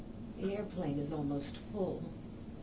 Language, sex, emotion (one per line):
English
female
neutral